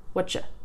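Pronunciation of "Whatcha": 'What are you' is reduced to 'whatcha', and the 'you' part is so reduced that it doesn't even sound like 'ya'.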